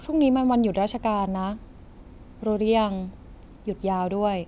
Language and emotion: Thai, neutral